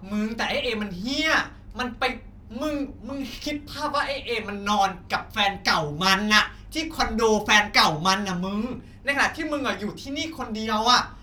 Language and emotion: Thai, angry